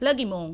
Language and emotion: Thai, angry